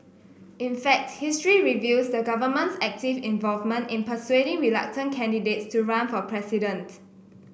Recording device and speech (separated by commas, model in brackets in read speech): boundary microphone (BM630), read sentence